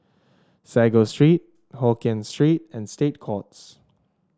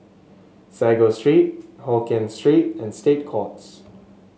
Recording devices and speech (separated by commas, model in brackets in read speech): standing microphone (AKG C214), mobile phone (Samsung S8), read sentence